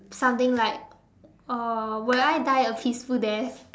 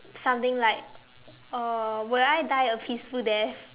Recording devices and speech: standing microphone, telephone, conversation in separate rooms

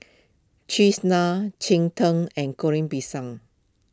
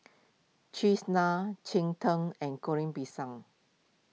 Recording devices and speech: close-talking microphone (WH20), mobile phone (iPhone 6), read sentence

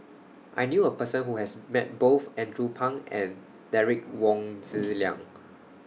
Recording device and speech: mobile phone (iPhone 6), read sentence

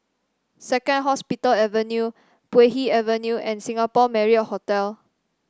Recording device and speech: standing microphone (AKG C214), read sentence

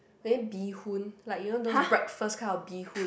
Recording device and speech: boundary microphone, conversation in the same room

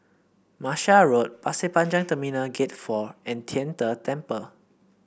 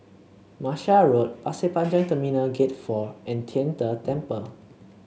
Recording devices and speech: boundary microphone (BM630), mobile phone (Samsung C7), read sentence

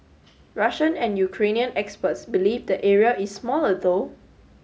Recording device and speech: mobile phone (Samsung S8), read sentence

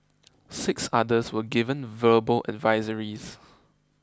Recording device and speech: close-talking microphone (WH20), read sentence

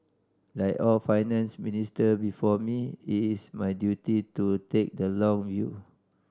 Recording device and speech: standing microphone (AKG C214), read sentence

